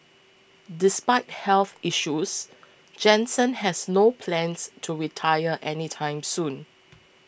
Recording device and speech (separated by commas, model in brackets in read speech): boundary microphone (BM630), read sentence